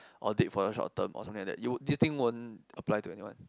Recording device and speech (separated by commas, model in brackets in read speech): close-talking microphone, conversation in the same room